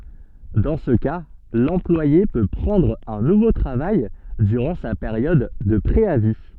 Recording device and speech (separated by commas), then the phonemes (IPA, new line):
soft in-ear microphone, read sentence
dɑ̃ sə ka lɑ̃plwaje pø pʁɑ̃dʁ œ̃ nuvo tʁavaj dyʁɑ̃ sa peʁjɔd də pʁeavi